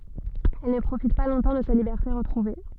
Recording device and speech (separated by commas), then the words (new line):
soft in-ear microphone, read sentence
Elle ne profite pas longtemps de sa liberté retrouvée.